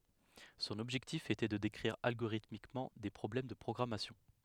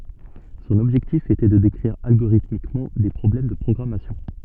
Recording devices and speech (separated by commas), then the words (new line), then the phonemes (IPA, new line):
headset microphone, soft in-ear microphone, read sentence
Son objectif était de décrire algorithmiquement des problèmes de programmation.
sɔ̃n ɔbʒɛktif etɛ də dekʁiʁ alɡoʁitmikmɑ̃ de pʁɔblɛm də pʁɔɡʁamasjɔ̃